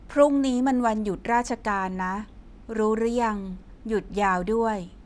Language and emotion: Thai, neutral